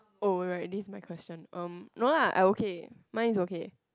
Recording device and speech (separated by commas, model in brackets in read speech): close-talking microphone, conversation in the same room